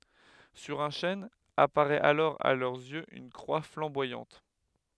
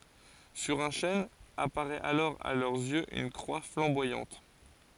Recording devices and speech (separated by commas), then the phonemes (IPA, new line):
headset microphone, forehead accelerometer, read sentence
syʁ œ̃ ʃɛn apaʁɛt alɔʁ a lœʁz jøz yn kʁwa flɑ̃bwajɑ̃t